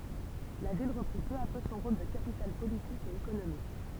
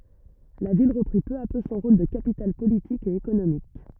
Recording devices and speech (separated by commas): temple vibration pickup, rigid in-ear microphone, read sentence